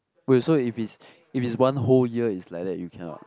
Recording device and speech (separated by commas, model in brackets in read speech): close-talking microphone, conversation in the same room